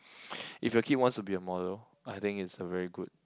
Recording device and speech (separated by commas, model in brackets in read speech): close-talking microphone, conversation in the same room